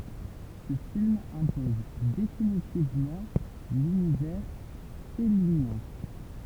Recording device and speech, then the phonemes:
temple vibration pickup, read sentence
sə film ɛ̃pɔz definitivmɑ̃ lynivɛʁ fɛlinjɛ̃

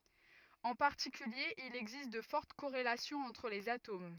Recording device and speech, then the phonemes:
rigid in-ear microphone, read sentence
ɑ̃ paʁtikylje il ɛɡzist də fɔʁt koʁelasjɔ̃z ɑ̃tʁ lez atom

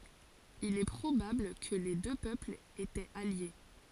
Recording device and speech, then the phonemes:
forehead accelerometer, read sentence
il ɛ pʁobabl kə le dø pøplz etɛt alje

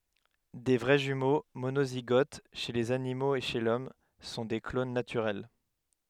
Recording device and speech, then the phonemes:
headset microphone, read sentence
de vʁɛ ʒymo monoziɡot ʃe lez animoz e ʃe lɔm sɔ̃ de klon natyʁɛl

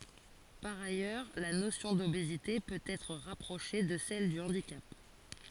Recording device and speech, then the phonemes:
forehead accelerometer, read sentence
paʁ ajœʁ la nosjɔ̃ dobezite pøt ɛtʁ ʁapʁoʃe də sɛl dy ɑ̃dikap

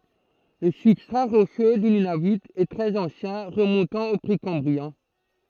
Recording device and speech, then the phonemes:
throat microphone, read sentence
lə sybstʁa ʁoʃø dy nynavy ɛ tʁɛz ɑ̃sjɛ̃ ʁəmɔ̃tɑ̃ o pʁekɑ̃bʁiɛ̃

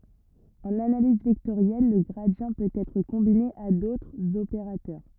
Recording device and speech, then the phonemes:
rigid in-ear microphone, read sentence
ɑ̃n analiz vɛktoʁjɛl lə ɡʁadi pøt ɛtʁ kɔ̃bine a dotʁz opeʁatœʁ

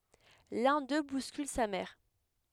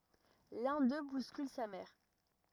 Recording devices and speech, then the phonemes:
headset microphone, rigid in-ear microphone, read sentence
lœ̃ dø buskyl sa mɛʁ

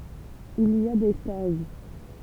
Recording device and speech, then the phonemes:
temple vibration pickup, read sentence
il i a de staʒ

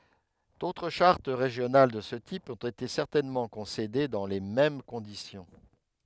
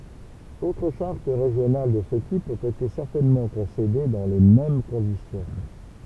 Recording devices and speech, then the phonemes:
headset microphone, temple vibration pickup, read sentence
dotʁ ʃaʁt ʁeʒjonal də sə tip ɔ̃t ete sɛʁtɛnmɑ̃ kɔ̃sede dɑ̃ le mɛm kɔ̃disjɔ̃

